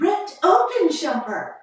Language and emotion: English, happy